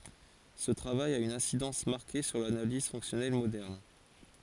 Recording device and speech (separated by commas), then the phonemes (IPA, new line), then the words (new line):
forehead accelerometer, read sentence
sə tʁavaj a yn ɛ̃sidɑ̃s maʁke syʁ lanaliz fɔ̃ksjɔnɛl modɛʁn
Ce travail a une incidence marquée sur l'analyse fonctionnelle moderne.